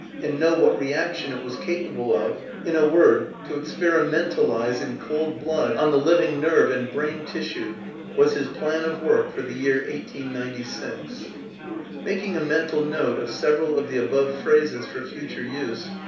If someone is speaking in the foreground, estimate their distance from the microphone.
3.0 m.